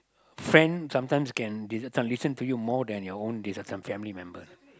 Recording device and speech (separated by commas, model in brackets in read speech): close-talking microphone, conversation in the same room